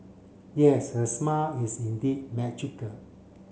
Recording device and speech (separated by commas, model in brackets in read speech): mobile phone (Samsung C7), read sentence